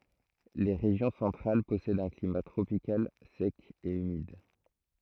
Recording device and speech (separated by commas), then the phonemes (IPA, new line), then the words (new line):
throat microphone, read sentence
le ʁeʒjɔ̃ sɑ̃tʁal pɔsɛdt œ̃ klima tʁopikal sɛk e ymid
Les régions centrales possèdent un climat tropical sec et humide.